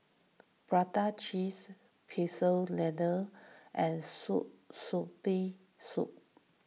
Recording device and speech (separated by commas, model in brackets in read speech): mobile phone (iPhone 6), read sentence